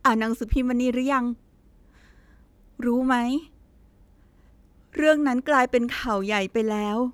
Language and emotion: Thai, sad